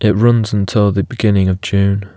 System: none